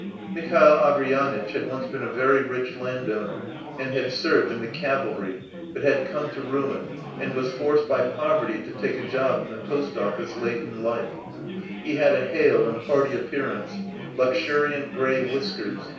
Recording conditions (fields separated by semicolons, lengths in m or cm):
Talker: one person; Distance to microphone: 3.0 m; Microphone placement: far; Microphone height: 1.8 m; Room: small (3.7 m by 2.7 m); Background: babble